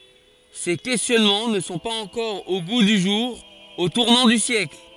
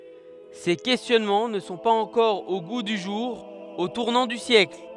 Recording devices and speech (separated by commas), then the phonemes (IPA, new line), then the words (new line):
forehead accelerometer, headset microphone, read sentence
se kɛstjɔnmɑ̃ nə sɔ̃ paz ɑ̃kɔʁ o ɡu dy ʒuʁ o tuʁnɑ̃ dy sjɛkl
Ces questionnements ne sont pas encore au goût du jour au tournant du siècle.